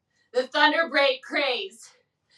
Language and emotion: English, fearful